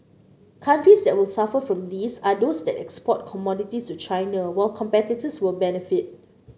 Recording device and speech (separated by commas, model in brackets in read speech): mobile phone (Samsung C9), read sentence